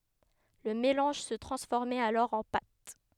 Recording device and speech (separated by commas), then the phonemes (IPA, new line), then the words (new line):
headset microphone, read sentence
lə melɑ̃ʒ sə tʁɑ̃sfɔʁmɛt alɔʁ ɑ̃ pat
Le mélange se transformait alors en pâte.